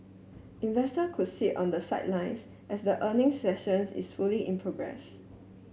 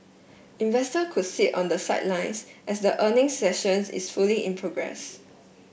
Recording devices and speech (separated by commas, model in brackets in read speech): mobile phone (Samsung S8), boundary microphone (BM630), read sentence